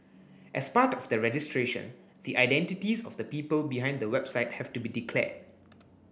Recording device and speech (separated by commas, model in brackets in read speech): boundary microphone (BM630), read sentence